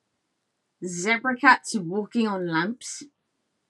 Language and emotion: English, disgusted